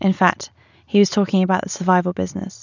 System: none